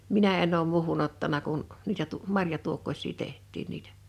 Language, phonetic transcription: Finnish, minä en̆n ‿oom 'muuhu'n ‿ottana kun , niitä tu- , 'marja'tuokkoś̀ii 'teht̆tiin niitᴀ̈ .
- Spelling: minä en ole muuhun ottanut kun niitä - marjatuokkosia tehtiin niitä

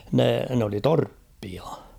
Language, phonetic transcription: Finnish, ne , n ‿oli "torppia .
- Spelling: ne ne oli torppia

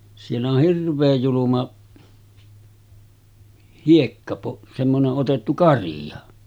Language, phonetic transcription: Finnish, siell ‿oh 'hirv̀eej juluma , 'hiekkapo- , semmone’ ’otettu 'karìʲa .
- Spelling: siellä on hirveän julma - semmoinen otettu karia

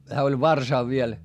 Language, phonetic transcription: Finnish, hää oĺ varsàv viel , .
- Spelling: hän oli varsa vielä

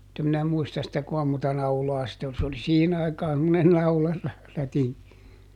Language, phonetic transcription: Finnish, [mu]t ‿em minä ˈmuistas sitä koam monta "naulaa sit ‿ol - se oli "siihin ‿aikaan semmonen ˈnaula₍r- , -ˈrätiŋ(ki) .
- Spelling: mutta en minä muista sitä kuinka monta naulaa sitten oli se oli siihen aikaan semmoinen - naularätinki

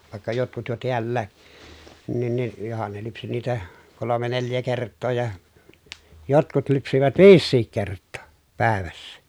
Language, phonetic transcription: Finnish, vàekka jotkut jo tiällää , nin ni , johan ne lypsi niitä , kolome neljä kert̆too ja , jotkut lypsivät viissiik kert̆too , pä̀evässä .
- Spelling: vaikka jotkut jo täälläkin niin niin johan ne lypsi niitä kolme neljä kertaa ja jotkut lypsivät viisikin kertaa päivässä

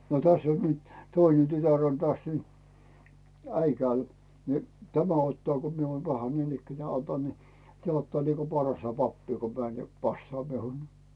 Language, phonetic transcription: Finnish, no 'täss ‿on nyt , "töine "tytär on täs nyt , 'äikääl , ni , "tämä 'ottaa ko mie oom paha niinikkänää 'otan ni , 'tᵉä̀ 'ottaa niko "parasta 'pappii ko 'mään ja , 'passaa miun .
- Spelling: no tässä on nyt toinen tytär on tässä nyt Äikäällä niin tämä ottaa kun minä olen paha niinikään otan niin tämä ottaa niin kuin parasta pappia kun menen ja passaa minun

